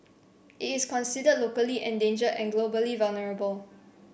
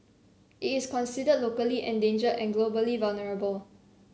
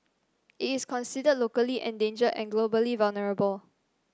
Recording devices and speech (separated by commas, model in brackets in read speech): boundary microphone (BM630), mobile phone (Samsung C7), standing microphone (AKG C214), read sentence